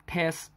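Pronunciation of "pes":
The word is said the Hong Kong English way, with its final t sound deleted.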